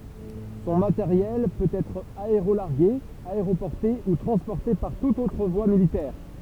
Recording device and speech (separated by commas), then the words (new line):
temple vibration pickup, read sentence
Son matériel peut être aérolargué, aéroporté ou transporté par toutes autres voies militaires.